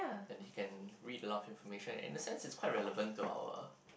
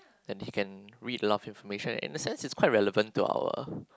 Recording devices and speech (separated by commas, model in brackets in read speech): boundary microphone, close-talking microphone, conversation in the same room